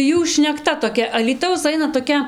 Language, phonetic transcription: Lithuanian, ˈjų šnekˈta toˈkia alyˈtaus ˈaina toˈkia

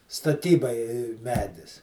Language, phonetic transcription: Lithuanian, staˈtybai ˈmedis

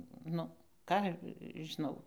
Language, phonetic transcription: Lithuanian, ˈnu ˈką žiˈnau

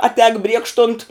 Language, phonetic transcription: Lithuanian, aˈtēk ˈbriekštunt

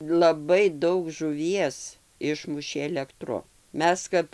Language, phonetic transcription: Lithuanian, laˈbai ˈdaug žuˈvies ˈišmušė elekˈtru ˈmes kap

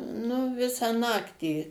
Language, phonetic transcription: Lithuanian, nu ˈvisą ˈnaktį

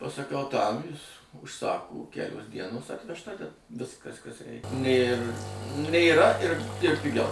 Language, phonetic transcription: Lithuanian, pasaˈkau tam jis užˈsaku ˈkelios ˈdienos atvežˈta ten ˈviskas kas ˈreik nėr nėˈra ir ir piˈgiau

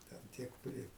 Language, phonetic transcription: Lithuanian, ten ˈtiek ˈpri

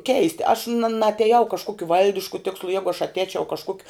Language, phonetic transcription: Lithuanian, ˈkeisti aš na naateˈjau kažˈkuokiu ˈvaldišku ˈtikslu ˈjegu aš atˈēčiau kažˈkuokiu

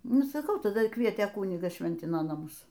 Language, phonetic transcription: Lithuanian, ˈnu saˈkau taˈda ˈkvietė ˈkunigas ˈšventino naˈmus

